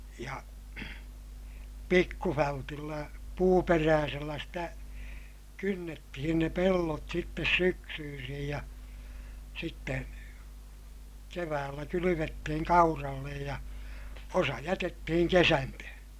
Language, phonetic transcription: Finnish, ja , pikkufältillä , puuperääsellä sitä , kynnettihin ne pellot sittes syksyysij ja , sitte , keväällä kylyvettihiŋ kaurallej ja , osa jätettihiŋ kesäntöhöö̰ .
- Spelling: ja pikkuvältillä puuperäisellä sitä kynnettiin ne pellot sitten syksyisin ja sitten keväällä kylvettiin kauralle ja osa jätettiin kesantoon

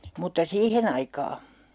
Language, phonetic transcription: Finnish, mutta "siihen ‿aikaa !
- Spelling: mutta siihen aikaa

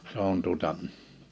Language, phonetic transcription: Finnish, se ‿on tuᵒta ,.
- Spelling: se on tuota

